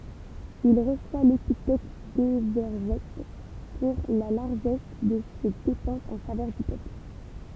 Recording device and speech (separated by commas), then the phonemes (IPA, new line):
temple vibration pickup, read sentence
il ʁəswa lepitɛt devɛʁʒɛt puʁ la laʁʒɛs də se depɑ̃sz ɑ̃ favœʁ dy pøpl